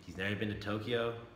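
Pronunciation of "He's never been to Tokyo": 'He's never been to Tokyo' is said in a tone of doubt.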